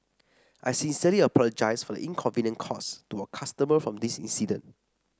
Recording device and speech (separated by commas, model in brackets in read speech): standing microphone (AKG C214), read sentence